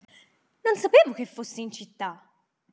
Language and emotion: Italian, surprised